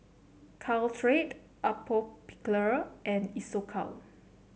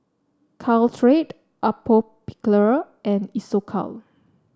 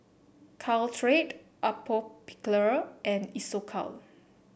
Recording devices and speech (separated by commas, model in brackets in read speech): mobile phone (Samsung C7), standing microphone (AKG C214), boundary microphone (BM630), read sentence